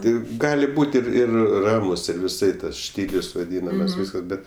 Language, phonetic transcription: Lithuanian, ˈtai ˈgali ˈbūt ir ˈir ˈramus ir viˈsai ˈtas ˈštylius vaˈdynamas ˈvyskas bet

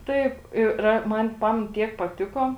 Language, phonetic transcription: Lithuanian, ˈtaip ˈi ra ˈman ˈpamen ˈtiek paˈtiko

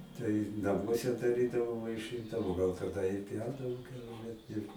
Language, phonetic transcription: Lithuanian, tai naˈmuose daˈrydavo vaiˈšɨndavo gal taˈda i ˈpjaudavo ˈkiaule ir

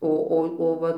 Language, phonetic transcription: Lithuanian, ˈo ˈo o ˈva

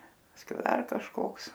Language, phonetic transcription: Lithuanian, pasˈkiau ˈdar kažˈkoks

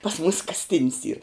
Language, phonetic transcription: Lithuanian, pas mūs kasˈtin's yr

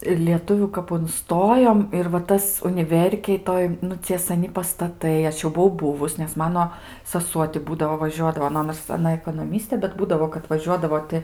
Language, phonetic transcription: Lithuanian, ir lieˈtuvių kap unˈstojom ir va ˈtas uniˈverkėj ˈtoj nu ˈcie ˈsani pastaˈtai ˈaš jau buˈvau ˈbuvus nes ˈmano saˈsuo ti ˈbūdavo vaˈžiuodavo nu ˈnors aˈna ekonoˈmistė bet ˈbūdavo kad vaˈžiuodavo ti

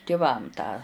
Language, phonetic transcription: Lithuanian, tiˈvam tą

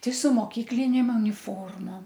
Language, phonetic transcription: Lithuanian, ˈtai su moˈkyklinėm uniˈformom

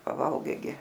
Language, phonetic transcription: Lithuanian, paˈvalgai gi

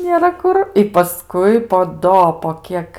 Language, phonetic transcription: Lithuanian, nėˈra ˈkur i paˈskui po ˈdo po ˈkiek

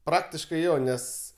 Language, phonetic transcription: Lithuanian, ˈpraktiškai ˈjo ˈnes

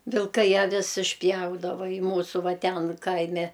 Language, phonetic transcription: Lithuanian, vilˈkai aˈvis išˈpjaudava i ˈmūsu ˈva ˈten ˈkaime

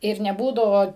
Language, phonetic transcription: Lithuanian, ir neˈbūdavo

